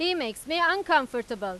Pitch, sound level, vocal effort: 300 Hz, 98 dB SPL, very loud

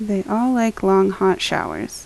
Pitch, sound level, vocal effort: 195 Hz, 76 dB SPL, soft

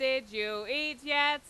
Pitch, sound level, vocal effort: 265 Hz, 101 dB SPL, very loud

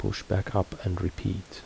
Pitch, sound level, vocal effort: 95 Hz, 70 dB SPL, soft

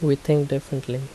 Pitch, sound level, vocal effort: 140 Hz, 76 dB SPL, soft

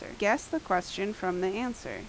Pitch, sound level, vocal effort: 195 Hz, 82 dB SPL, loud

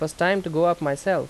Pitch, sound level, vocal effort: 170 Hz, 88 dB SPL, loud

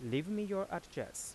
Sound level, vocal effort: 87 dB SPL, soft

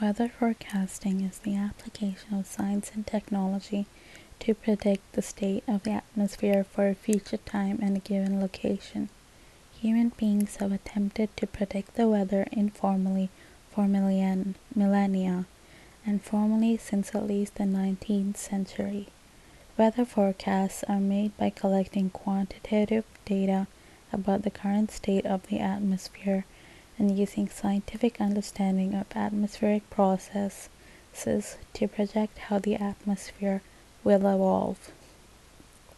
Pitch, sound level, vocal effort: 200 Hz, 72 dB SPL, soft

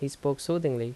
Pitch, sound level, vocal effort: 140 Hz, 80 dB SPL, normal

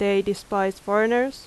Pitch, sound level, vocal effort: 200 Hz, 86 dB SPL, loud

